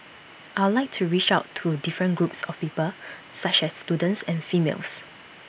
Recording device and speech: boundary microphone (BM630), read sentence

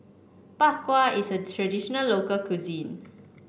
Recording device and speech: boundary microphone (BM630), read sentence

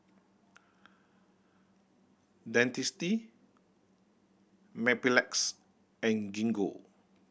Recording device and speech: boundary microphone (BM630), read sentence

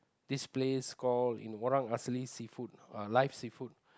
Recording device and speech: close-talking microphone, conversation in the same room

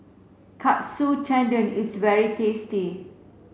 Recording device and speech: mobile phone (Samsung C7), read sentence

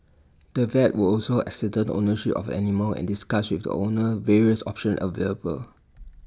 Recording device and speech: standing microphone (AKG C214), read sentence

